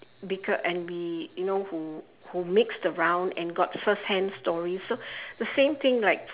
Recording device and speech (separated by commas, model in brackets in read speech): telephone, conversation in separate rooms